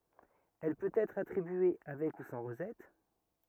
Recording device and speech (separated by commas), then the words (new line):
rigid in-ear microphone, read sentence
Elle peut être attribué avec ou sans rosette.